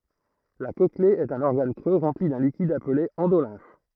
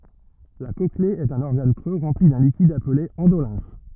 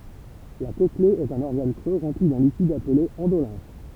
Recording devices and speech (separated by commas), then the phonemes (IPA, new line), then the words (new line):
throat microphone, rigid in-ear microphone, temple vibration pickup, read sentence
la kɔkle ɛt œ̃n ɔʁɡan kʁø ʁɑ̃pli dœ̃ likid aple ɑ̃dolɛ̃f
La cochlée est un organe creux rempli d'un liquide appelé endolymphe.